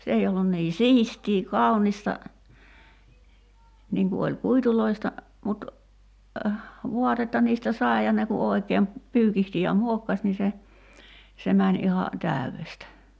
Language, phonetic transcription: Finnish, 'se ei ollun nii "siistii 'kaunista , 'niiŋ ku oĺ 'kuituloista , mut , 'vuatetta niistä "sai̬ ja ne ku òi̬keem , 'pyykihti ja "muokkas ni se , 'se mäń iha , "tä̀yvestä .
- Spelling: se ei ollut niin siistiä kaunista niin kuin oli kuiduista mutta vaatetta niistä sai ja ne kun oikein pyykitsi ja muokkasi niin se se meni ihan täydestä

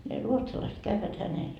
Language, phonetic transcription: Finnish, ne "ruotsalaiset kävvät 'hänel .
- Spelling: ne ruotsalaiset käyvät hänellä

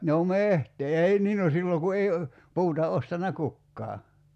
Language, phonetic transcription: Finnish, no "mehtee 'ei 'nii no 'silloŋ ku 'ei , 'puuta 'ostanna "kukkaa .
- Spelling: no metsää ei niin no silloin kun ei puuta ostanut kukaan

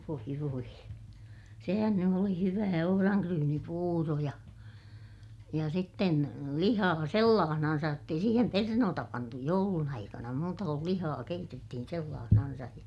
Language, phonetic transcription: Finnish, voi voi , sehän ny oli hyvää ohoraŋkryynipuuro ja , ja sitten , lihaa sellaahnansaj jott ‿ei siihem pernoota pantu joulun ‿aikana muuta kul lihaa keitettihin sellaahnansaj ja ,.
- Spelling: voi voi sehän nyt oli hyvää ohranryynipuuro ja ja sitten lihaa sellaisenaan jotta ei siihen perunoita pantu joulun aikana muuta kuin lihaa keitettiin sellaisenaan ja

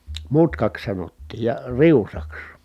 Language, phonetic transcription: Finnish, mutkaks sanottiij ja , riusaks .
- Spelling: mutkaksi sanottiin ja riusaksi

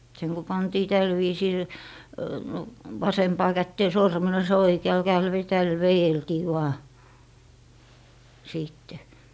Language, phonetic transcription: Finnish, seŋ ku 'pantii "täl viisiil , 'vasempaa kättee 'sormenos ja 'oikeal 'käel ve - täl 'vejeltii vaa , 'siitte .
- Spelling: sen kun pantiin tällä viisillä vasempaan käteen sormennos ja oikealla kädellä - tällä vedeltiin vain sitten

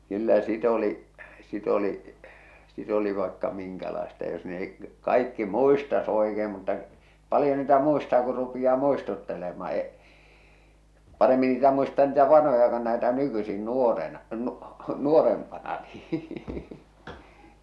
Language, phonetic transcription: Finnish, 'kyllä 'sit ‿oli , 'sit ‿oli , 'sit ‿oli vaekka 'miŋkälaesta jos neh̬ik k- , 'kaikki "muistas 'oekeem mutta , 'palⁱjo niitä muistaa kur rupijaa 'muistuttelema̳ e-’ , 'paremmi niitä muistaa niitä 'vanhoja kon näetä 'nykysin 'nuorena , nu- 'nuorempana nii .
- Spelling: kyllä sitä oli sitten oli sitä oli vaikka minkälaista jos nekin - kaikki muistaisi oikein mutta paljon niitä muistaa kun rupeaa muistuttelemaan - paremmin niitä muistaa niitä vanhoja kuin näitä nykyisin nuorena - nuorempana niin

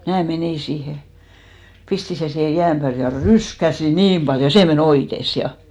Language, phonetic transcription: Finnish, mnää 'menì siihe , 'pisti sen siihe 'jääm pääl ja "ryskäsi "niim ʙaljo , 'sè me"n ‿oites 'ja .
- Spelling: minä menin siihen pistin sen siihen jään päälle ja ryskäsin niin paljon se meni oites ja

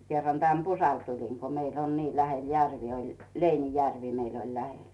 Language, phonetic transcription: Finnish, kerran tän "Pusal 'tulin ko 'meill ‿on nii 'lähel "järvi oĺ , "Leinijärvi meil ‿ol 'lähel .
- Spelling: kerran tänne Pusalle tulin kun meillä on niin lähellä järvi oli Leinijärvi meillä oli lähellä

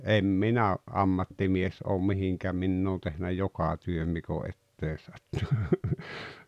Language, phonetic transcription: Finnish, 'em "minä , '’ammattimies oom 'mihiŋkä 'minn ‿oon tehnä "joka 'työm mik ‿o 'ettee 'sattᴜ(ɴᴜ) .
- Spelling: en minä ammattimies ole mihinkään minä olen tehnyt joka työn mikä on eteen sattunut

